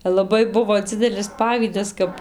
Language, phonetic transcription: Lithuanian, laˈbai ˈbuvo ˈdzidelis ˈpavydas ˈkap

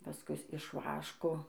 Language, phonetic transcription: Lithuanian, paˈskus iš ˈvaško

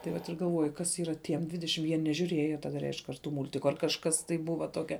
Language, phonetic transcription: Lithuanian, tai ˈvat ir galˈvoji ˈkas ˈyra ˈtiem ˈdvidešim jie nežiūˈrėjo taˈda ˈreišk ar ˈtu ˈmultiku ar kažˈkas tai ˈbuva ˈtokia

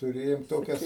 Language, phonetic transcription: Lithuanian, tuˈrėjom ˈtokias

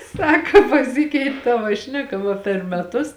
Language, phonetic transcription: Lithuanian, ˈsaka paˈsikeit' ˈtava ˈšneˌka va per meˈtus

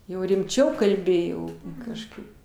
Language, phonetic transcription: Lithuanian, ˈjau rimˈčiau kalˈbi jau kažˈkaip

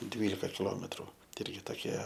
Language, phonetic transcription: Lithuanian, ˈdvylika kiˈlometru ti ˈirgi toˈkie

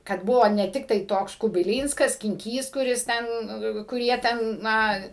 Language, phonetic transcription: Lithuanian, kad ˈbuvo ne ˈtiktai ˈtoks kubiˈlynskas skinˈkys kuˈris ˈten kur ˈjie ˈten ˈna

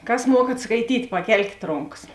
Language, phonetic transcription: Lithuanian, ˈkas ˈmuokat skaiˈtyt' paˈkelkėt ˈronkas

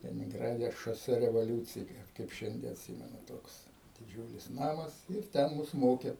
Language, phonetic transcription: Lithuanian, leninˈgrade šoˈse revoˈliūciji kaip ˈšiandie atˈsymenu ˈtoks diˈdžiūlis ˈnamas ir ˈten ˈmus ˈmoke

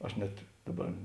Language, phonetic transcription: Lithuanian, ˈaš net ˈdaˌbar

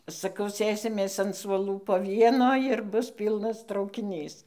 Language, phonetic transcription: Lithuanian, saˈkau ˈsėsimės an suoˈlų po ˈvieno ir ˈbus ˈpylnas traukiˈnys

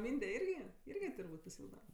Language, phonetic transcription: Lithuanian, ˈmynde ˈirgi ˈirgi turˈbūt' pasiˈilgda

